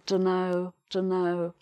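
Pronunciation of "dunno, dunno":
'Dunno' is said twice, with a tone that sounds not very enthusiastic and shows no interest.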